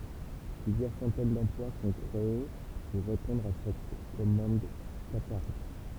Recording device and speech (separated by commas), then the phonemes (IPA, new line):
temple vibration pickup, read sentence
plyzjœʁ sɑ̃tɛn dɑ̃plwa sɔ̃ kʁee puʁ ʁepɔ̃dʁ a sɛt kɔmɑ̃d kataʁi